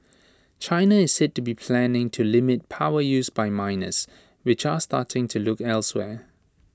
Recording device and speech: standing microphone (AKG C214), read sentence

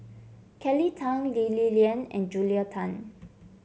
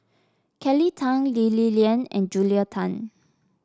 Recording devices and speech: mobile phone (Samsung C7), standing microphone (AKG C214), read sentence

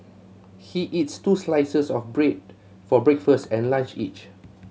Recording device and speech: mobile phone (Samsung C7100), read sentence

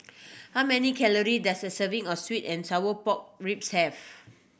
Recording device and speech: boundary microphone (BM630), read sentence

